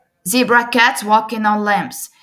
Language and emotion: English, neutral